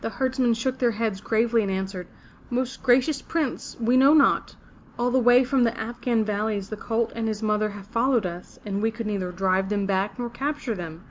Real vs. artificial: real